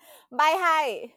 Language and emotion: Thai, happy